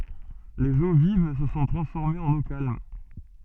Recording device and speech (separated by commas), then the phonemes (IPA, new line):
soft in-ear microphone, read sentence
lez o viv sə sɔ̃ tʁɑ̃sfɔʁmez ɑ̃n o kalm